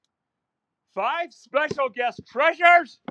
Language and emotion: English, surprised